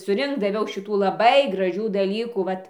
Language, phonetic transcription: Lithuanian, suˈrinkt daˈviau ˈšitų laˈbai graˈžių daˈlykų ˈvat

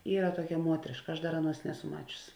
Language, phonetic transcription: Lithuanian, ˈyra ˈtuokia ˈmuotriška ˈaš ˈdar ˈaˌnuos ˈneˌsu ˈmačius

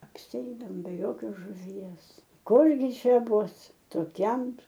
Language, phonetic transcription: Lithuanian, apsiˈeidaom be ˈjokios žuˈvies ˈkurgi ˈčia ˈbus toˈkiam

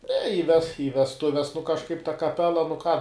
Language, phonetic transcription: Lithuanian, ne i ves i vesˈtuves nu kažˈkaip ta kaˈpela nu ką

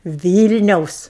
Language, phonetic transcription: Lithuanian, ˈvylniaus

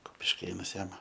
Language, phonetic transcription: Lithuanian, kupišˈkėnas ˈjam

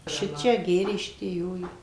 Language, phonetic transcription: Lithuanian, ˈšičia ˈgėrė ˈšitie ˈjo ˈjo

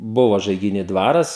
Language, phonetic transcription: Lithuanian, ˈbuva žaigiˈny ˈdvaras

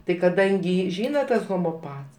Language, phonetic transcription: Lithuanian, tai kaˈdangi ˈžyna ˈtas homoˈpats

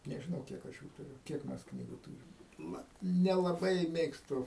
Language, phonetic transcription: Lithuanian, nežiˈnau ˈkiek aš jų tuˈriu ˈkiek mes ˈknygu ˈtūrim ˈna nelaˈbai ˈmėgstu

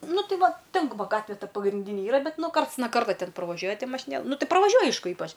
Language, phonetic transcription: Lithuanian, ˈnu ˈtai ˈvaˈten va ˈgatve ˈta pagrinˈdyni ˈyra ˈbet ˈnu ˈkarts na ˈkarto ˈten praˈvažiuoja ˈti mašiˈnėla ˈnu ˈtai pravaˈžiuoj ˈaišku ˈypač

